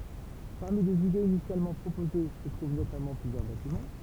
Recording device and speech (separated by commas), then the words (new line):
temple vibration pickup, read sentence
Parmi les idées initialement proposées se trouvent notamment plusieurs bâtiments.